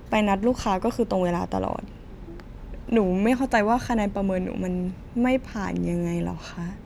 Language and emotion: Thai, sad